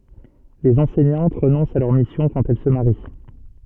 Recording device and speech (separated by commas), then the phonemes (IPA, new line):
soft in-ear microphone, read sentence
lez ɑ̃sɛɲɑ̃t ʁənɔ̃st a lœʁ misjɔ̃ kɑ̃t ɛl sə maʁi